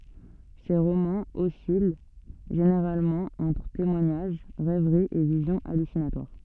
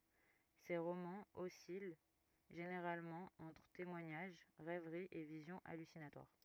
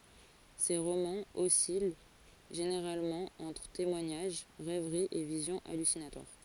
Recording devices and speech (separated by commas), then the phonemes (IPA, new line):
soft in-ear microphone, rigid in-ear microphone, forehead accelerometer, read sentence
se ʁomɑ̃z ɔsil ʒeneʁalmɑ̃ ɑ̃tʁ temwaɲaʒ ʁɛvʁi e vizjɔ̃ alysinatwaʁ